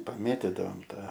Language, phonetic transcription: Lithuanian, paˈmėtidavom ˈtą

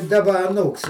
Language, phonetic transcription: Lithuanian, daˈba aˈnūks

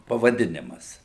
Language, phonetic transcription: Lithuanian, pavaˈdinimas

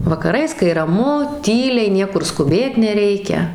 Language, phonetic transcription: Lithuanian, vakaˈrais kai raˈmu ˈtyliai ˈniekur skuˈbėt neˈreikia

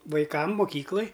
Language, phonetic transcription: Lithuanian, vaiˈkam muˈkyklaj

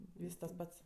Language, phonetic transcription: Lithuanian, ˈvys tas ˈpats

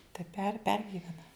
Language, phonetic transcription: Lithuanian, tai per ˈpergivena

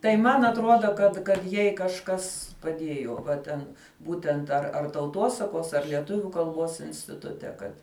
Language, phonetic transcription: Lithuanian, tai ˈman atˈruoda kad kad ˈjai kažˈkas paˈdiejo va ˈten ˈbūtent ar ar tauˈtuosakuos ar lieˈtuviu kalˈbuos instiˈtute ˈkad

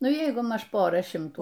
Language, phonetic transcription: Lithuanian, ˈnu ˈjeigu ˈmaž ˈpora ˈšimtų

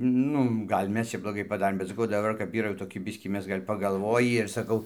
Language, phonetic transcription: Lithuanian, ˈnu ˈgal' ˈmes čia bloˈgai paˈdarėm bet saˈkau daˈbar ˈkap ˈyra jau toˈki ˈbiskį ˈmes ˈgal' pagalˈvojį ir saˈkau

